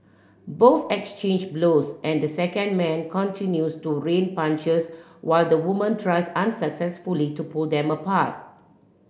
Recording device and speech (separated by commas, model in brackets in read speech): boundary microphone (BM630), read sentence